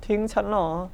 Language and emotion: Thai, sad